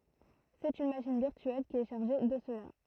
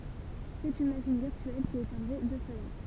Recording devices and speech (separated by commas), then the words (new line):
throat microphone, temple vibration pickup, read sentence
C'est une machine virtuelle qui est chargée de cela.